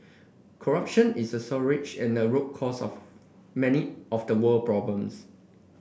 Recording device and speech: boundary microphone (BM630), read sentence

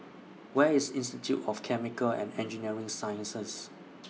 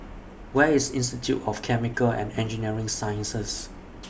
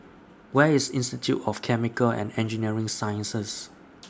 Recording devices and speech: mobile phone (iPhone 6), boundary microphone (BM630), standing microphone (AKG C214), read sentence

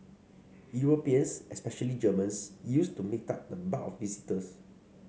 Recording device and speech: mobile phone (Samsung C5), read sentence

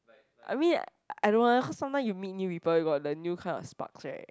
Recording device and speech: close-talking microphone, conversation in the same room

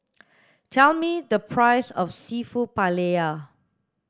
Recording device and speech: standing microphone (AKG C214), read sentence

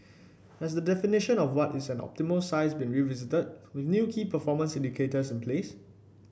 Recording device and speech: boundary microphone (BM630), read sentence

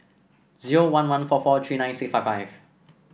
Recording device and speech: boundary microphone (BM630), read sentence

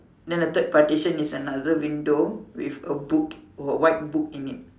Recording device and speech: standing microphone, conversation in separate rooms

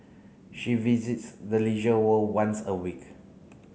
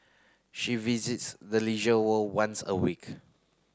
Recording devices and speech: mobile phone (Samsung C9), close-talking microphone (WH30), read sentence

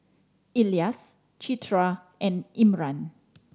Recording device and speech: standing microphone (AKG C214), read sentence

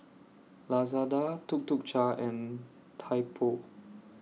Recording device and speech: mobile phone (iPhone 6), read sentence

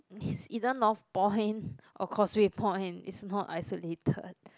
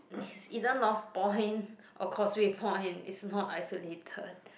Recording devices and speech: close-talking microphone, boundary microphone, conversation in the same room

